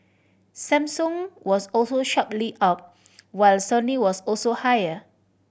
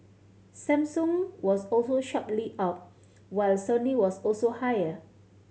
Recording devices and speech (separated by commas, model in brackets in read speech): boundary microphone (BM630), mobile phone (Samsung C7100), read sentence